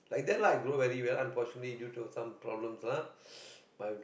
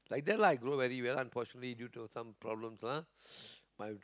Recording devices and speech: boundary microphone, close-talking microphone, conversation in the same room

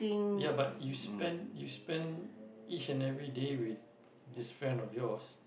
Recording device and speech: boundary microphone, conversation in the same room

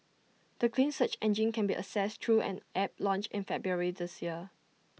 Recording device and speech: mobile phone (iPhone 6), read sentence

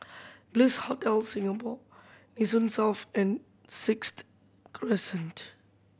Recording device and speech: boundary microphone (BM630), read sentence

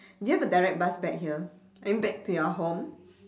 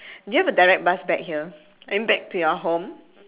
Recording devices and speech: standing microphone, telephone, conversation in separate rooms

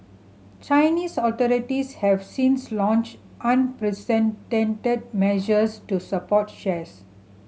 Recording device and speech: mobile phone (Samsung C7100), read sentence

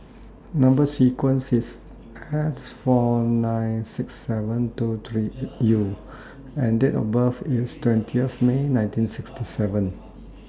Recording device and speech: standing microphone (AKG C214), read sentence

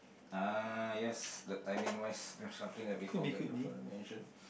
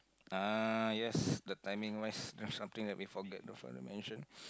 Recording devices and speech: boundary microphone, close-talking microphone, conversation in the same room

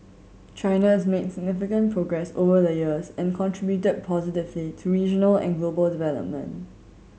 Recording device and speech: mobile phone (Samsung C7100), read sentence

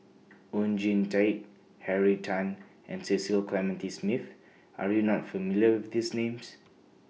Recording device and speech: mobile phone (iPhone 6), read sentence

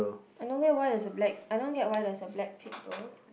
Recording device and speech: boundary microphone, conversation in the same room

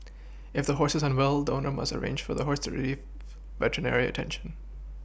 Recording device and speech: boundary microphone (BM630), read sentence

